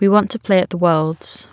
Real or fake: real